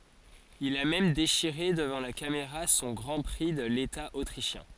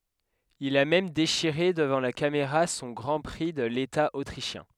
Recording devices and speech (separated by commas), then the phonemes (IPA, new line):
forehead accelerometer, headset microphone, read sentence
il a mɛm deʃiʁe dəvɑ̃ la kameʁa sɔ̃ ɡʁɑ̃ pʁi də leta otʁiʃjɛ̃